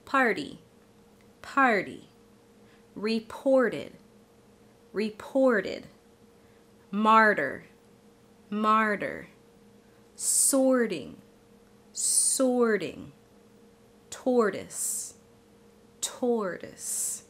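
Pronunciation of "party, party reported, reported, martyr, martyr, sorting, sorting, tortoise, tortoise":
In 'party', 'reported', 'martyr', 'sorting' and 'tortoise', the t after the r is said as a flap T before the unstressed vowel.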